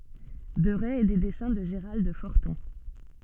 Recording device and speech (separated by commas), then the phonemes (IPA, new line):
soft in-ear microphone, read sentence
dəʁɛ e de dɛsɛ̃ də ʒəʁald fɔʁtɔ̃